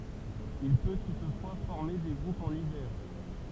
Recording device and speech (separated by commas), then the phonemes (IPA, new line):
temple vibration pickup, read sentence
il pø tutfwa fɔʁme de ɡʁupz ɑ̃n ivɛʁ